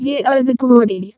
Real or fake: fake